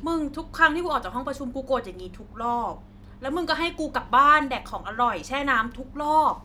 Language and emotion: Thai, frustrated